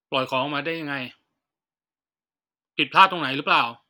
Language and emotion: Thai, frustrated